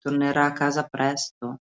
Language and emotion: Italian, sad